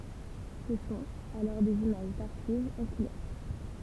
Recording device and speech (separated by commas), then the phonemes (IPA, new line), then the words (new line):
temple vibration pickup, read sentence
sə sɔ̃t alɔʁ dez imaʒ daʁʃivz ɑ̃ kulœʁ
Ce sont alors des images d'archives en couleur.